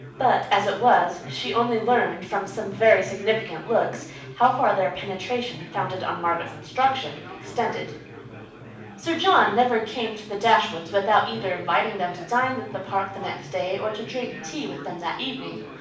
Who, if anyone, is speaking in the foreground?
One person.